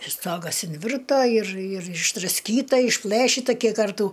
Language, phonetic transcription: Lithuanian, ir ˈstogas inˈvirto ir ir išdrasˈkyta išˈplɘšita ˈkiek ˈkartų

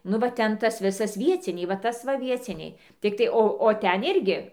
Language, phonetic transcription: Lithuanian, ˈnu va ˈten ˈtas ˈvisas ˈvieciniai va ˈtas va ˈvieciniai ˈtiktai ˈo o ˈten ˈirgi

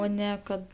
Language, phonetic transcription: Lithuanian, ˈo ˈne kad

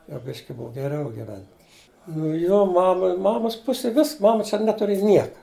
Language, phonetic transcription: Lithuanian, jau ˈbiški ˈbuv geˈriau giˈvent' nu ˈjo ˈmama ˈmamos ˈpusij ˈvis ˈmama čia ˈneturėja ˈnieka

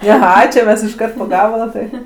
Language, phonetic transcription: Lithuanian, aˈha čia ˈmes išˈkart po ˈgabala tai

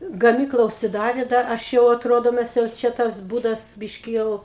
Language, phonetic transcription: Lithuanian, gaˈmykla užsiˈdarė ˈdar ˈaš jau aˈtrodo ˈmes jau ˈčia ˈtas ˈbūdas ˈbiški ˈjau

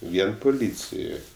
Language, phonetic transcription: Lithuanian, ˈvien puˈlycijoj

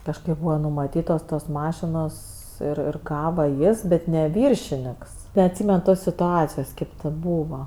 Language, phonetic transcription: Lithuanian, kažˈkaip ˈbūva numaˈtytos tos ˈmašinos ˈir ir ˈgava ˈjis ˈbet ˈne ˈviršiniks neatˈsymen ˈtos situˈacijos ˈkėp tė ˈbūva

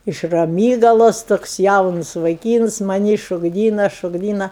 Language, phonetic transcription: Lithuanian, iš raˈmygalosˈtoks ˈjaunus vaiˈkyns maˈnį šokˈdyna šokˈdyna

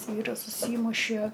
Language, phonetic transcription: Lithuanian, ˈvyras užˈsymušie

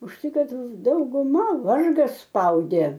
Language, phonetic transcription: Lithuanian, už ˈtai ˈkad dauguˈma ˈvargas ˈspaudė

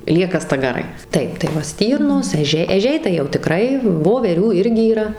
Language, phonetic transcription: Lithuanian, ˈlieka stagaˈrai ˈtaip tai ˈva ˈstyrnos eˈžiai eˈžiai tai jau tiˈkrai voveˈrių ˈirgi yˈra

